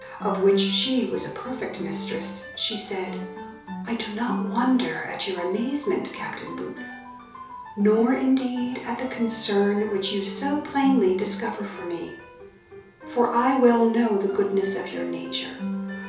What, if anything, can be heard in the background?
Music.